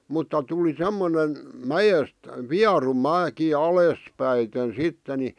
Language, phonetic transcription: Finnish, 'mutta 'tuli 'semmonen , "mäjest , "viaru 'mä̳̀ki 'alès'päiten 'sitte ni ,.
- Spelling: mutta tuli semmoinen mäestä vieru mäki alaspäiten sitten niin

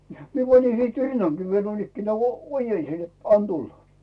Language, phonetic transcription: Finnish, 'mie panin sìt "rinnaŋkii viel 'nuoinnikkenää , o-"ojensin net » 'an "tulla « .
- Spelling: minä panin sitten rinnankin vielä noinikään ojensin että anna tulla

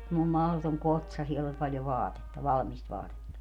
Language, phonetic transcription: Finnish, semmoi 'mahlotoŋ "kotsa 'siell ‿oĺ paljo "vaatetta , 'valᵃmist "vaatetta .
- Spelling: semmoinen mahdoton kotsa siellä oli paljon vaatetta valmista vaatetta

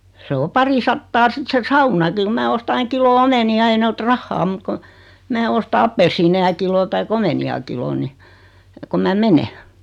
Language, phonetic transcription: Finnish, 'se o 'parisattaa 'sit se "saunaki ku 'mää osta 'aiŋ 'kilo "omeni₍a ei ne 'ot "rahhaa mut kon̬ , 'mää osta 'appelssiineja kilo tai'k ‿omeni₍a kilon ni , kom 'mä "mene .
- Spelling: se on parisataa sitten se saunakin kun minä ostan aina kilon omenia ei ne ota rahaa mutta kun minä ostan appelsiineja kilon tai omenia kilon niin kun minä menen

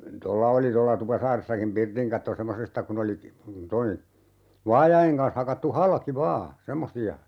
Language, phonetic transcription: Finnish, 'tolla oli 'tolla 'Tupasaaressakim "pirtiŋ katto 'semmosesta kun ‿oli , ('toi ni) , 'vaajaʲeŋ kans 'hakattu "halki 'vaa , 'semmosi₍a .
- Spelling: tuolla oli tuolla Tupasaaressakin pirtin katto semmoisesta kun oli tuo niin vaajojen kanssa hakattu halki vain semmoisia

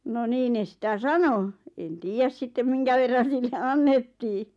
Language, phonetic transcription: Finnish, no 'nii ne sⁱtä "sano , en "tiijäs 'sittem 'miŋkäverran̬ sille "annettii .
- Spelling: no niin ne sitä sanoi en tiedä sitten minkä verran sille annettiin

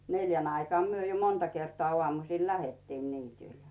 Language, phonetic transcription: Finnish, 'neljän ‿aikᵒà myö jo monta kertᵒa 'ŏàmusìl "lähettiin 'niitỳl .
- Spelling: neljän aikaan me jo monta kertaa aamusilla lähdettiin niitylle

